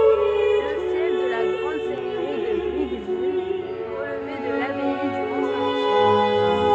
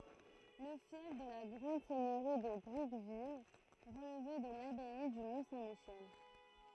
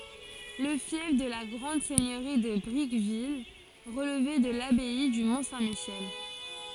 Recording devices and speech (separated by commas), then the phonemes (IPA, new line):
soft in-ear microphone, throat microphone, forehead accelerometer, read sentence
lə fjɛf də la ɡʁɑ̃d sɛɲøʁi də bʁikvil ʁəlvɛ də labɛi dy mɔ̃ sɛ̃ miʃɛl